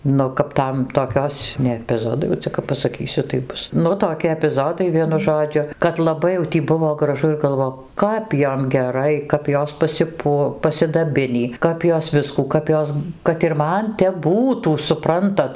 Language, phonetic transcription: Lithuanian, ˈnu kap ˈtam toˈkios ne epiˈzodai jau ˈcia kap pasaˈkysiu tai ˈbus ˈnu toˈki epiˈzodai ˈvienu ˈžodžiu kad laˈbai jau ˈtį ˈbuvo graˈžu ir galˈvo ˈkap ˈjom geˈrai kap ˈjos pasiˈpuo pasidaˈbinį ˈkap jos ˈviskų ˈkap jos kad ir ˈman tep ˈbūtų suˈprantat

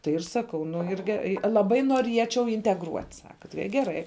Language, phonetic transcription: Lithuanian, tai ir ˈsakau nu ir ˈge laˈbai nuoˈriečiau integˈruot' ˈsaka tai i geˈrai

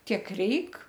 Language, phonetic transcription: Lithuanian, ˈtiek ˈreik

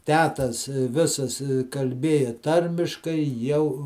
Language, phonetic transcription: Lithuanian, ˈtetas ˈvisas kalˈbėja ˈtarmiškai ˈjau

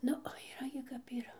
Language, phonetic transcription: Lithuanian, ˈnu o yˈra gi kap yˈra

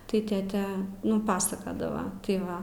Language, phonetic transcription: Lithuanian, tai ˈtėte ˈnu ˈpasakadava tai ˈva

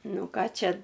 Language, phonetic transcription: Lithuanian, ˈnu ˈką ˈčia

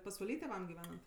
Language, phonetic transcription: Lithuanian, pasvaˈly tėˈvam giˈvenant

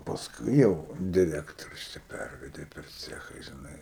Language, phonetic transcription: Lithuanian, pasˈkui ˈjau diˈrektorius ˈčia ˈpærvedė per ˈcecha žiˈnai

